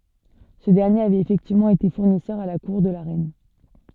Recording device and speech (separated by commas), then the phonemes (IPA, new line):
soft in-ear microphone, read sentence
sə dɛʁnjeʁ avɛt efɛktivmɑ̃ ete fuʁnisœʁ a la kuʁ də la ʁɛn